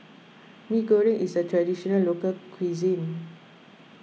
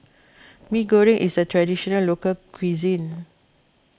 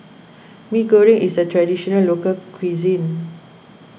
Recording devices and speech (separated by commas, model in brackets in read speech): mobile phone (iPhone 6), close-talking microphone (WH20), boundary microphone (BM630), read sentence